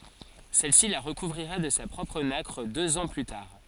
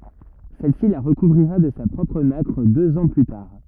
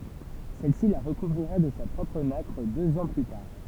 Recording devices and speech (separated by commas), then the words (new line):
forehead accelerometer, rigid in-ear microphone, temple vibration pickup, read sentence
Celle-ci la recouvrira de sa propre nacre deux ans plus tard.